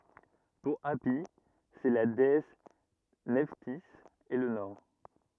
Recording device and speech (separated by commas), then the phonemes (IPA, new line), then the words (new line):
rigid in-ear microphone, read sentence
puʁ api sɛ la deɛs nɛftiz e lə nɔʁ
Pour Hâpi c'est la déesse Nephtys et le nord.